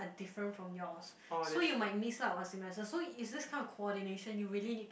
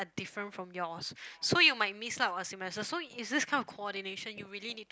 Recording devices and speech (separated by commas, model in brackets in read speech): boundary microphone, close-talking microphone, conversation in the same room